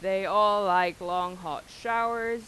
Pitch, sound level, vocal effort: 195 Hz, 95 dB SPL, loud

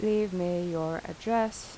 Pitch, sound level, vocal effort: 180 Hz, 84 dB SPL, normal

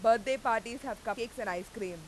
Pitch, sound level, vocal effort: 230 Hz, 97 dB SPL, very loud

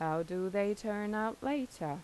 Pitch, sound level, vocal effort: 205 Hz, 85 dB SPL, normal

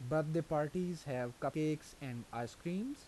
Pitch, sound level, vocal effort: 155 Hz, 84 dB SPL, normal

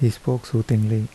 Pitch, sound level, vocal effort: 115 Hz, 75 dB SPL, soft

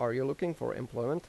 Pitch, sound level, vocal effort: 135 Hz, 86 dB SPL, normal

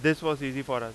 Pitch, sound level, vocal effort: 135 Hz, 95 dB SPL, very loud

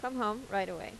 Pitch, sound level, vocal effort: 210 Hz, 86 dB SPL, normal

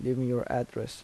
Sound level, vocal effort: 78 dB SPL, soft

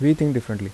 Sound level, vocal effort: 79 dB SPL, soft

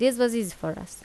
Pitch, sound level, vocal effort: 225 Hz, 83 dB SPL, normal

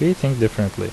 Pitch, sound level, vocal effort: 110 Hz, 77 dB SPL, normal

